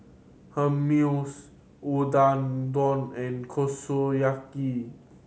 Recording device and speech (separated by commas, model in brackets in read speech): mobile phone (Samsung C7100), read sentence